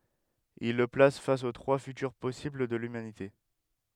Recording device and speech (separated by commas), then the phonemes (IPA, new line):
headset microphone, read sentence
il lə plas fas o tʁwa fytyʁ pɔsibl də lymanite